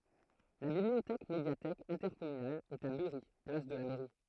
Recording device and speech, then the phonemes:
throat microphone, read sentence
la bibliotɛk medjatɛk ɛ̃tɛʁkɔmynal ɛt a byʁi plas də la mɛʁi

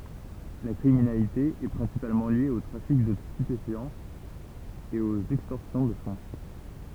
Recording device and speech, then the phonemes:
temple vibration pickup, read sentence
la kʁiminalite ɛ pʁɛ̃sipalmɑ̃ lje o tʁafik də stypefjɑ̃z e oz ɛkstɔʁsjɔ̃ də fɔ̃

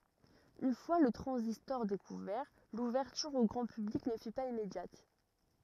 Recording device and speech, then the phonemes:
rigid in-ear microphone, read sentence
yn fwa lə tʁɑ̃zistɔʁ dekuvɛʁ luvɛʁtyʁ o ɡʁɑ̃ pyblik nə fy paz immedjat

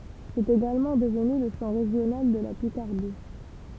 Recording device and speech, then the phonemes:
temple vibration pickup, read sentence
sɛt eɡalmɑ̃ dəvny lə ʃɑ̃ ʁeʒjonal də la pikaʁdi

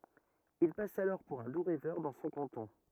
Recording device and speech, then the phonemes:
rigid in-ear microphone, read sentence
il pas alɔʁ puʁ œ̃ du ʁɛvœʁ dɑ̃ sɔ̃ kɑ̃tɔ̃

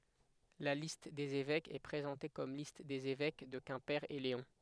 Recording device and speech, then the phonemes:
headset microphone, read sentence
la list dez evɛkz ɛ pʁezɑ̃te kɔm list dez evɛk də kɛ̃pe e leɔ̃

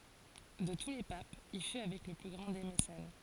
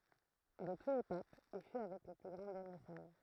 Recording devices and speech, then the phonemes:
forehead accelerometer, throat microphone, read sentence
də tu le papz il fy avɛk lə ply ɡʁɑ̃ de mesɛn

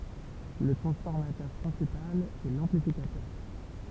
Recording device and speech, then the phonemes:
temple vibration pickup, read sentence
lə tʁɑ̃sfɔʁmatœʁ pʁɛ̃sipal ɛ lɑ̃plifikatœʁ

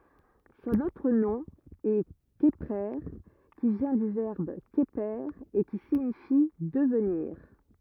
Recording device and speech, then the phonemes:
rigid in-ear microphone, read sentence
sɔ̃n otʁ nɔ̃ ɛ kəpʁe ki vjɛ̃ dy vɛʁb kəpe e ki siɲifi dəvniʁ

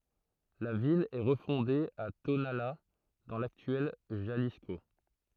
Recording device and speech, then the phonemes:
throat microphone, read sentence
la vil ɛ ʁəfɔ̃de a tonala dɑ̃ laktyɛl ʒalisko

